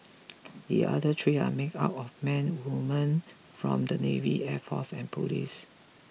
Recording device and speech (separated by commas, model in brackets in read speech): mobile phone (iPhone 6), read sentence